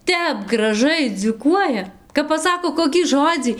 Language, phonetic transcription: Lithuanian, ˈtep graˈžai dziūˈkuoja kap paˈsako ˌkokį ˈžodzį

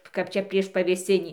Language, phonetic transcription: Lithuanian, kap ˈčia prieš pavėˈsinį

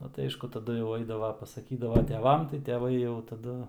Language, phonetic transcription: Lithuanian, ˈnu tai ˈaišku taˈdu jau ˈaidava pasaˈkydava teˈvam tai teˈvai jau taˈdu

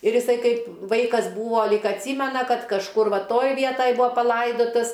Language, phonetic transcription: Lithuanian, ir iˈsai ˈkaip ˈvaikas ˈbūvo ˈlyg atˈsymena ˈkad kažˈkur ˈva ˈtoj ˈvietoj ˈbua paˈlaidotas

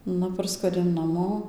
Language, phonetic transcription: Lithuanian, ˈnu ˈparskuodiau naˈmo

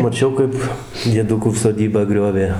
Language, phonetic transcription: Lithuanian, maˈčiau kaip dieˈdukų soˈdybą ˈgriovė

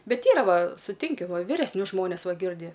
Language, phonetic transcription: Lithuanian, ˈbet ˈyra ˈva suˈtinki viresˈnius ˈžmones ˈva ˈgirdi

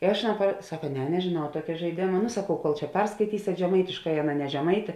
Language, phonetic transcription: Lithuanian, i ˈaš aˈnā pra ˈsaka ˈne nežėˈnau ˈtuokia žaiˈdėma nu saˈkau kol čia ˈperskaitysėt žeˈmaitiškai ˈaˌna ne žeˈmaitė

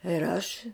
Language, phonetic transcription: Lithuanian, ir ˈaš

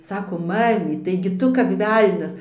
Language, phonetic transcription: Lithuanian, ˈsakom ˈmamyt tai gi ˈtu kap ˈvelnias

